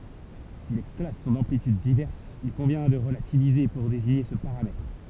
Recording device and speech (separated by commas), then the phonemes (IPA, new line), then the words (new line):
temple vibration pickup, read sentence
si le klas sɔ̃ dɑ̃plityd divɛʁsz il kɔ̃vjɛ̃ də ʁəlativize puʁ deziɲe sə paʁamɛtʁ
Si les classes sont d'amplitudes diverses, il convient de relativiser pour désigner ce paramètre.